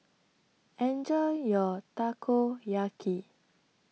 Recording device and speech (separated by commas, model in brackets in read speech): mobile phone (iPhone 6), read sentence